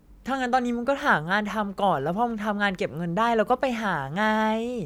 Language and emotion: Thai, frustrated